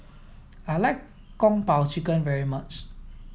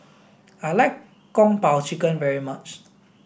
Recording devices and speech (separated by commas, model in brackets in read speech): mobile phone (iPhone 7), boundary microphone (BM630), read sentence